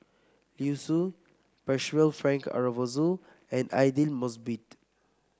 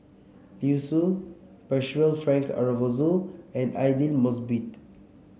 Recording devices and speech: close-talking microphone (WH30), mobile phone (Samsung C7), read sentence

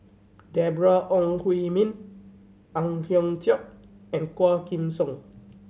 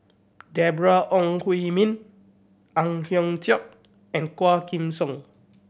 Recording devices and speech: mobile phone (Samsung C7100), boundary microphone (BM630), read sentence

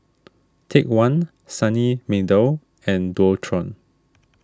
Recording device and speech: standing microphone (AKG C214), read sentence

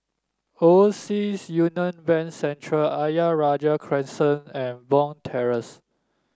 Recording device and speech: standing microphone (AKG C214), read sentence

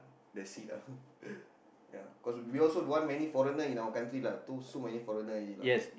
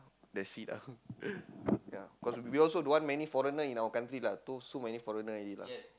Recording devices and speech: boundary microphone, close-talking microphone, conversation in the same room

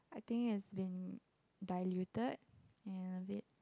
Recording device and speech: close-talking microphone, conversation in the same room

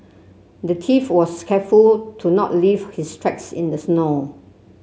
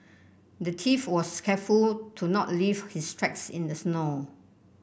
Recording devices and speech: mobile phone (Samsung C7), boundary microphone (BM630), read sentence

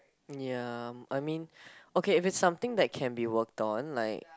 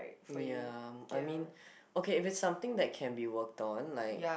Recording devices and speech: close-talking microphone, boundary microphone, conversation in the same room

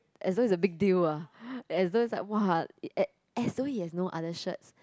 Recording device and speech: close-talking microphone, conversation in the same room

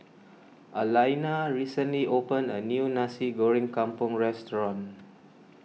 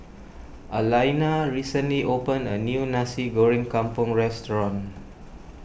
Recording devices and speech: mobile phone (iPhone 6), boundary microphone (BM630), read sentence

